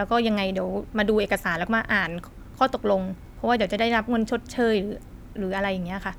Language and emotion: Thai, neutral